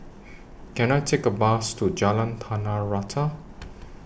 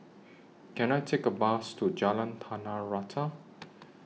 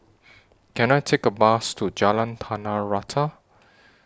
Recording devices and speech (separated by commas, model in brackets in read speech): boundary microphone (BM630), mobile phone (iPhone 6), standing microphone (AKG C214), read sentence